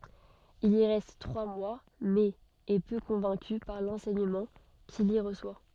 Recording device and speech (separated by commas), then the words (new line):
soft in-ear microphone, read sentence
Il y reste trois mois, mais est peu convaincu par l'enseignement qu'il y reçoit.